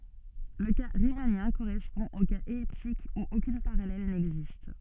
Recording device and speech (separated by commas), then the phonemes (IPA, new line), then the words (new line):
soft in-ear microphone, read sentence
lə ka ʁimanjɛ̃ koʁɛspɔ̃ o kaz ɛliptik u okyn paʁalɛl nɛɡzist
Le cas riemannien correspond au cas elliptique où aucune parallèle n'existe.